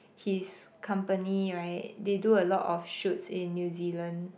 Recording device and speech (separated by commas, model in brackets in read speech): boundary microphone, conversation in the same room